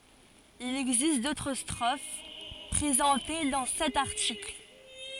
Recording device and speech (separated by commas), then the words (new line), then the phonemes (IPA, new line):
forehead accelerometer, read sentence
Il existe d'autres strophes, présentées dans cet article.
il ɛɡzist dotʁ stʁof pʁezɑ̃te dɑ̃ sɛt aʁtikl